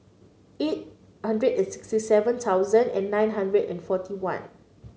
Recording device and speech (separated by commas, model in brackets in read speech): mobile phone (Samsung C9), read sentence